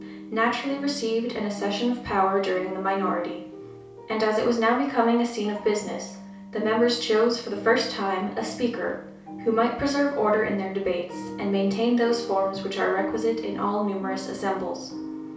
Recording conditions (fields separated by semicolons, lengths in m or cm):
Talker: one person; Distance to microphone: 3.0 m; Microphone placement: far; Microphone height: 1.8 m; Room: small (3.7 m by 2.7 m); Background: music